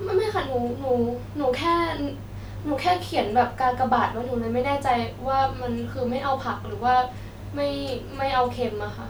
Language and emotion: Thai, sad